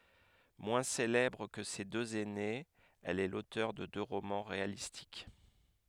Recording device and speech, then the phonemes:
headset microphone, read sentence
mwɛ̃ selɛbʁ kə se døz ɛnez ɛl ɛ lotœʁ də dø ʁomɑ̃ ʁealistik

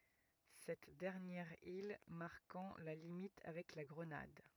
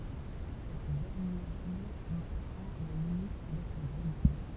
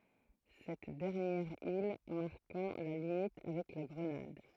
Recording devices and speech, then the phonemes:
rigid in-ear microphone, temple vibration pickup, throat microphone, read sentence
sɛt dɛʁnjɛʁ il maʁkɑ̃ la limit avɛk la ɡʁənad

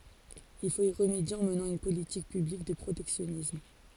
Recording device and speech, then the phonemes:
forehead accelerometer, read sentence
il fot i ʁəmedje ɑ̃ mənɑ̃ yn politik pyblik də pʁotɛksjɔnism

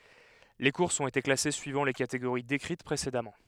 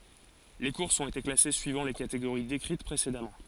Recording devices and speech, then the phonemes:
headset microphone, forehead accelerometer, read sentence
le kuʁsz ɔ̃t ete klase syivɑ̃ le kateɡoʁi dekʁit pʁesedamɑ̃

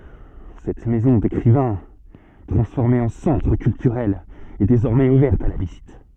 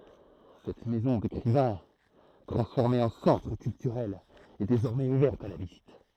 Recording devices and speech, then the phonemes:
soft in-ear microphone, throat microphone, read sentence
sɛt mɛzɔ̃ dekʁivɛ̃ tʁɑ̃sfɔʁme ɑ̃ sɑ̃tʁ kyltyʁɛl ɛ dezɔʁmɛz uvɛʁt a la vizit

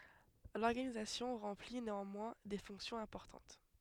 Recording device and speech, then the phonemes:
headset microphone, read sentence
lɔʁɡanizasjɔ̃ ʁɑ̃pli neɑ̃mwɛ̃ de fɔ̃ksjɔ̃z ɛ̃pɔʁtɑ̃t

